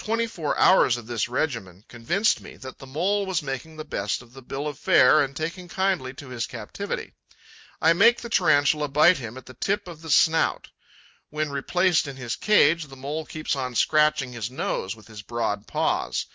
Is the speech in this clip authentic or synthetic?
authentic